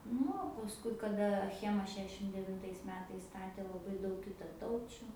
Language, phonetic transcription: Lithuanian, ˈnu o pasˈkui kaˈda aˈchema ˈšešim devinˈtais ˈmetais ˈstatė laˈbai ˈdaug kitaˈtaučiu

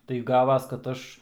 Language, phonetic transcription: Lithuanian, tai ˈgavas kad ˈaš

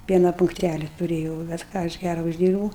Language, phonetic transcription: Lithuanian, ˈpiena punkˈtæli tuˈrėjau bet ˈką aš ˈgæra užˈdyrbūu

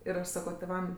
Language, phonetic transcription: Lithuanian, ir aš ˈsako tėˈvam

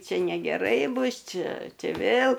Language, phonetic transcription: Lithuanian, ˈči negeˈrai ˈbus ˈči ˈči ˈvėl

